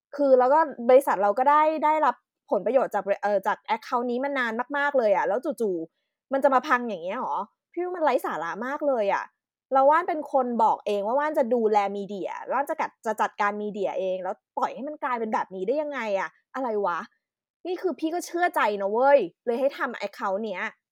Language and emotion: Thai, angry